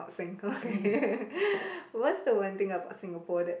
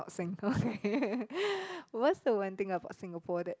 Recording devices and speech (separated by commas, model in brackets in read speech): boundary microphone, close-talking microphone, conversation in the same room